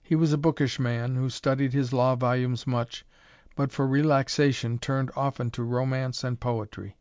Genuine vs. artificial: genuine